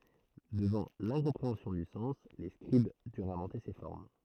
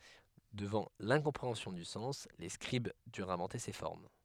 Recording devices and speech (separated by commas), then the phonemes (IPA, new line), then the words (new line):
throat microphone, headset microphone, read sentence
dəvɑ̃ lɛ̃kɔ̃pʁeɑ̃sjɔ̃ dy sɑ̃s le skʁib dyʁt ɛ̃vɑ̃te se fɔʁm
Devant l’incompréhension du sens, les scribes durent inventer ces formes.